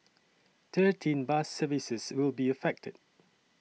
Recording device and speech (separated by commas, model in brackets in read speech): mobile phone (iPhone 6), read sentence